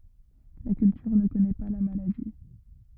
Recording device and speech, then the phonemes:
rigid in-ear microphone, read sentence
la kyltyʁ nə kɔnɛ pa la maladi

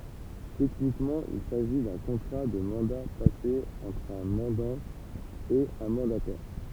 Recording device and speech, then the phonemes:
temple vibration pickup, read sentence
tɛknikmɑ̃ il saʒi dœ̃ kɔ̃tʁa də mɑ̃da pase ɑ̃tʁ œ̃ mɑ̃dɑ̃ e œ̃ mɑ̃datɛʁ

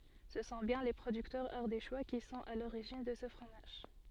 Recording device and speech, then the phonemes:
soft in-ear microphone, read sentence
sə sɔ̃ bjɛ̃ le pʁodyktœʁz aʁdeʃwa ki sɔ̃t a loʁiʒin də sə fʁomaʒ

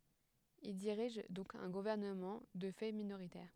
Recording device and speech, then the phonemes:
headset microphone, read sentence
il diʁiʒ dɔ̃k œ̃ ɡuvɛʁnəmɑ̃ də fɛ minoʁitɛʁ

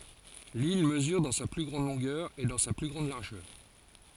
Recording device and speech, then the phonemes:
forehead accelerometer, read sentence
lil məzyʁ dɑ̃ sa ply ɡʁɑ̃d lɔ̃ɡœʁ e dɑ̃ sa ply ɡʁɑ̃d laʁʒœʁ

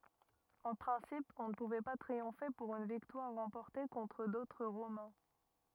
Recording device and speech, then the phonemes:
rigid in-ear microphone, read sentence
ɑ̃ pʁɛ̃sip ɔ̃ nə puvɛ pa tʁiɔ̃fe puʁ yn viktwaʁ ʁɑ̃pɔʁte kɔ̃tʁ dotʁ ʁomɛ̃

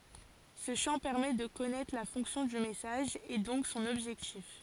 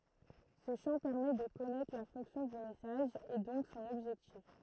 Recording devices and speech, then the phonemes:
forehead accelerometer, throat microphone, read sentence
sə ʃɑ̃ pɛʁmɛ də kɔnɛtʁ la fɔ̃ksjɔ̃ dy mɛsaʒ e dɔ̃k sɔ̃n ɔbʒɛktif

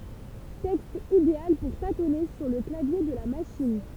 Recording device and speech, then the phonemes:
temple vibration pickup, read sentence
tɛkst ideal puʁ tatɔne syʁ lə klavje də la maʃin

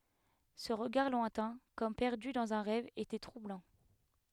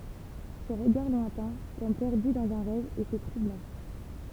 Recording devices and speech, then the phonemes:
headset microphone, temple vibration pickup, read sentence
sə ʁəɡaʁ lwɛ̃tɛ̃ kɔm pɛʁdy dɑ̃z œ̃ ʁɛv etɛ tʁublɑ̃

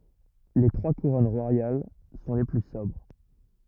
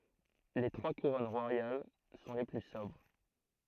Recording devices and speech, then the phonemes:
rigid in-ear microphone, throat microphone, read sentence
le tʁwa kuʁɔn ʁwajal sɔ̃ le ply sɔbʁ

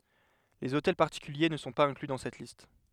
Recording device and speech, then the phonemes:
headset microphone, read sentence
lez otɛl paʁtikylje nə sɔ̃ paz ɛ̃kly dɑ̃ sɛt list

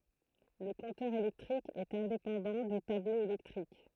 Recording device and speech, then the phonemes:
throat microphone, read sentence
lə kɔ̃tœʁ elɛktʁik ɛt ɛ̃depɑ̃dɑ̃ dy tablo elɛktʁik

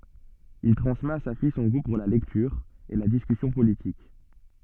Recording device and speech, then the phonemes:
soft in-ear microphone, read sentence
il tʁɑ̃smɛt a sa fij sɔ̃ ɡu puʁ la lɛktyʁ e la diskysjɔ̃ politik

